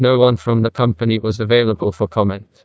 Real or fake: fake